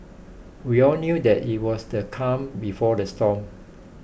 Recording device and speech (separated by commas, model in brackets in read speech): boundary microphone (BM630), read sentence